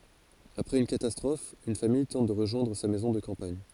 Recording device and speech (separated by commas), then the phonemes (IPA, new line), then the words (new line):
forehead accelerometer, read sentence
apʁɛz yn katastʁɔf yn famij tɑ̃t də ʁəʒwɛ̃dʁ sa mɛzɔ̃ də kɑ̃paɲ
Après une catastrophe, une famille tente de rejoindre sa maison de campagne.